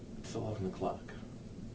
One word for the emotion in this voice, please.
neutral